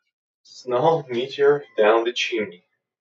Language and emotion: English, sad